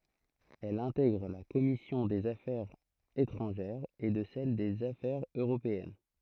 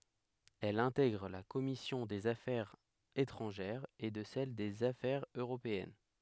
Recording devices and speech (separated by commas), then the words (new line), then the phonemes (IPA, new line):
throat microphone, headset microphone, read sentence
Elle intègre la commission des Affaires étrangères et de celle des Affaires européennes.
ɛl ɛ̃tɛɡʁ la kɔmisjɔ̃ dez afɛʁz etʁɑ̃ʒɛʁz e də sɛl dez afɛʁz øʁopeɛn